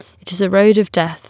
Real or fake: real